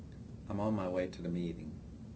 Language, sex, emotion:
English, male, neutral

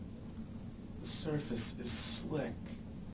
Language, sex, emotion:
English, male, neutral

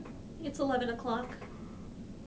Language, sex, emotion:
English, female, fearful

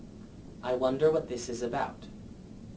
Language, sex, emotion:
English, male, neutral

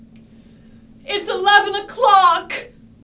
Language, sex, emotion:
English, female, sad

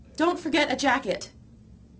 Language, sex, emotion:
English, female, angry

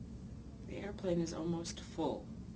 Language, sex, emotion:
English, female, neutral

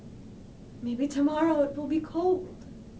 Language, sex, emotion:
English, female, sad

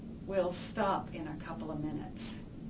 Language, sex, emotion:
English, female, sad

